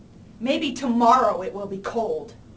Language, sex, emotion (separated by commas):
English, female, disgusted